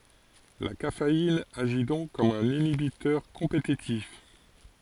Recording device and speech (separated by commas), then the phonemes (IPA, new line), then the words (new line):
forehead accelerometer, read sentence
la kafein aʒi dɔ̃k kɔm œ̃n inibitœʁ kɔ̃petitif
La caféine agit donc comme un inhibiteur compétitif.